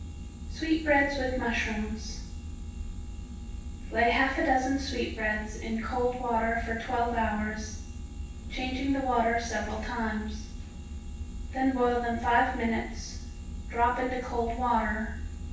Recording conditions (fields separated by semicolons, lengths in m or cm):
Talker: one person; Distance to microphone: 9.8 m; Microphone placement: far; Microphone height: 1.8 m; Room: large; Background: none